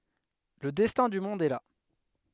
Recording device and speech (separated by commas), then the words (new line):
headset microphone, read sentence
Le destin du monde est là.